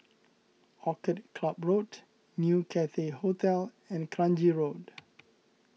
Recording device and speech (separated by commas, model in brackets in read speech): mobile phone (iPhone 6), read sentence